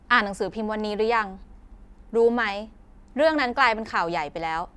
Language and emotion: Thai, neutral